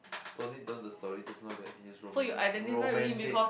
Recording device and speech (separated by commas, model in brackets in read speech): boundary microphone, conversation in the same room